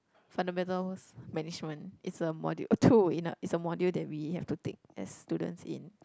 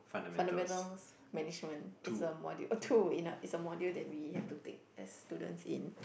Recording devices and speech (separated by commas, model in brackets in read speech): close-talking microphone, boundary microphone, conversation in the same room